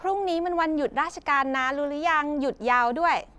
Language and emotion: Thai, happy